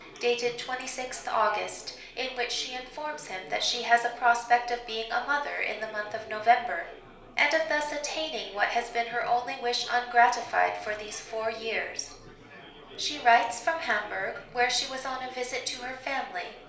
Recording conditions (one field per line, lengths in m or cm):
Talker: one person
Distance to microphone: 1.0 m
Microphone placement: close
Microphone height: 1.1 m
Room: small (3.7 m by 2.7 m)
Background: babble